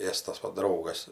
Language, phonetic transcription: Lithuanian, ˈėstas ˈva ˈdraugas

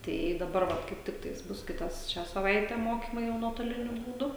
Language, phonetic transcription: Lithuanian, ˈtai i daˈbar ˈva kaip ˈtiktais ˈbus ˈkitas ˈšią saˈvaite ˈmokymai jau nuotoˈliniu būˈdu

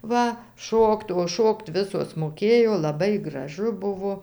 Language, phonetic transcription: Lithuanian, ˈva ˈšokt o ˈšokt ˈvisos moˈkėjo laˈbai graˈžu ˈbuvo

